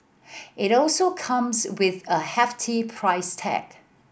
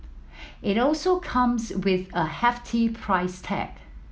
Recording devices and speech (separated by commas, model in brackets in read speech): boundary microphone (BM630), mobile phone (iPhone 7), read sentence